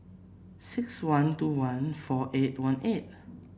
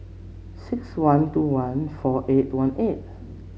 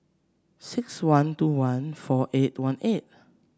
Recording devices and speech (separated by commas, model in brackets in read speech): boundary microphone (BM630), mobile phone (Samsung C7), standing microphone (AKG C214), read sentence